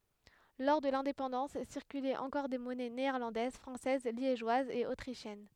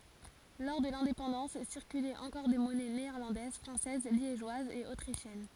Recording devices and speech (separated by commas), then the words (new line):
headset microphone, forehead accelerometer, read sentence
Lors de l'indépendance circulaient encore des monnaies néerlandaises, françaises, liégeoises et autrichiennes.